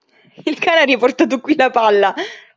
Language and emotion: Italian, happy